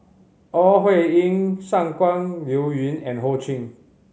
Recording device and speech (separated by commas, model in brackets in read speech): mobile phone (Samsung C5010), read sentence